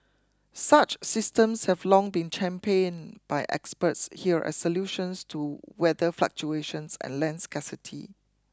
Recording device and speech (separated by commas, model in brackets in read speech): close-talking microphone (WH20), read sentence